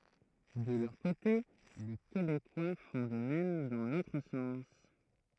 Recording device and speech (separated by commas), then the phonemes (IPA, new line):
throat microphone, read sentence
də lœʁ kote le kebekwa fɔ̃ də mɛm dɑ̃ lotʁ sɑ̃s